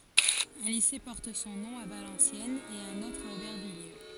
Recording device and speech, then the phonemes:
forehead accelerometer, read sentence
œ̃ lise pɔʁt sɔ̃ nɔ̃ a valɑ̃sjɛnz e œ̃n otʁ a obɛʁvijje

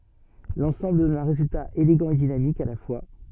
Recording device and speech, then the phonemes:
soft in-ear microphone, read sentence
lɑ̃sɑ̃bl dɔn œ̃ ʁezylta eleɡɑ̃ e dinamik a la fwa

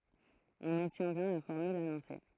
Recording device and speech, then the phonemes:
throat microphone, read sentence
ɔ̃n ɔbtjɛ̃ bjɛ̃ la fɔʁmyl anɔ̃se

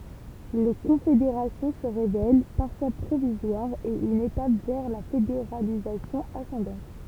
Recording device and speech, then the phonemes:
temple vibration pickup, read sentence
le kɔ̃fedeʁasjɔ̃ sə ʁevɛl paʁfwa pʁovizwaʁz e yn etap vɛʁ la fedeʁalizasjɔ̃ asɑ̃dɑ̃t

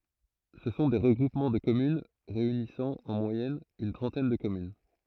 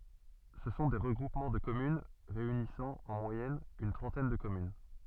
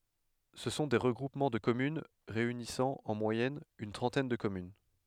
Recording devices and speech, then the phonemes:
throat microphone, soft in-ear microphone, headset microphone, read sentence
sə sɔ̃ de ʁəɡʁupmɑ̃ də kɔmyn ʁeynisɑ̃ ɑ̃ mwajɛn yn tʁɑ̃tɛn də kɔmyn

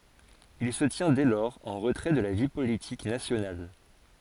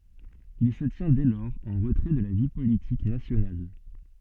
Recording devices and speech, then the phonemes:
forehead accelerometer, soft in-ear microphone, read sentence
il sə tjɛ̃ dɛ lɔʁz ɑ̃ ʁətʁɛ də la vi politik nasjonal

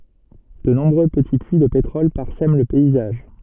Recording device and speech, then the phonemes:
soft in-ear microphone, read sentence
də nɔ̃bʁø pəti pyi də petʁɔl paʁsɛm lə pɛizaʒ

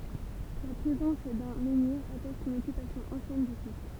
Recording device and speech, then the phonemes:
temple vibration pickup, read sentence
la pʁezɑ̃s dœ̃ mɑ̃niʁ atɛst yn ɔkypasjɔ̃ ɑ̃sjɛn dy sit

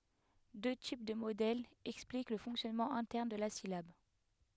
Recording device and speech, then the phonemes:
headset microphone, read sentence
dø tip də modɛlz ɛksplik lə fɔ̃ksjɔnmɑ̃ ɛ̃tɛʁn də la silab

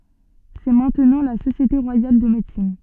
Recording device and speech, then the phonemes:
soft in-ear microphone, read sentence
sɛ mɛ̃tnɑ̃ la sosjete ʁwajal də medəsin

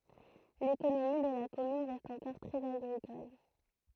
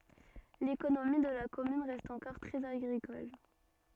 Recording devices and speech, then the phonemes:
throat microphone, soft in-ear microphone, read sentence
lekonomi də la kɔmyn ʁɛst ɑ̃kɔʁ tʁɛz aɡʁikɔl

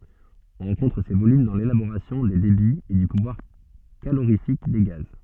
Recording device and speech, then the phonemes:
soft in-ear microphone, read sentence
ɔ̃ ʁɑ̃kɔ̃tʁ se volym dɑ̃ lelaboʁasjɔ̃ de debiz e dy puvwaʁ kaloʁifik de ɡaz

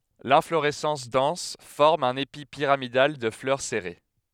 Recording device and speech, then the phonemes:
headset microphone, read sentence
lɛ̃floʁɛsɑ̃s dɑ̃s fɔʁm œ̃n epi piʁamidal də flœʁ sɛʁe

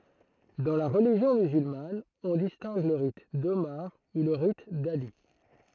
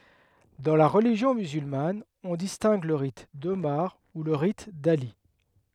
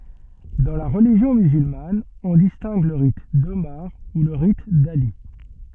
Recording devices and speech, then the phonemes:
throat microphone, headset microphone, soft in-ear microphone, read sentence
dɑ̃ la ʁəliʒjɔ̃ myzylman ɔ̃ distɛ̃ɡ lə ʁit domaʁ u lə ʁit dali

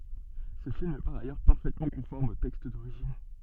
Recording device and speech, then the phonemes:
soft in-ear microphone, read sentence
sə film ɛ paʁ ajœʁ paʁfɛtmɑ̃ kɔ̃fɔʁm o tɛkst doʁiʒin

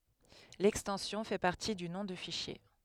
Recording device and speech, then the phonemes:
headset microphone, read sentence
lɛkstɑ̃sjɔ̃ fɛ paʁti dy nɔ̃ də fiʃje

